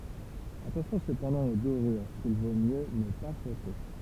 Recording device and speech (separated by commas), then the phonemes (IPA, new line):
temple vibration pickup, read sentence
atɑ̃sjɔ̃ səpɑ̃dɑ̃ o doʁyʁ kil vo mjø nə pa fʁɔte